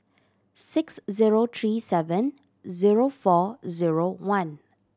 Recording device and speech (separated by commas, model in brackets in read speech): standing microphone (AKG C214), read sentence